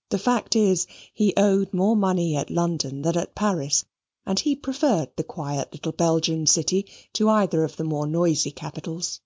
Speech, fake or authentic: authentic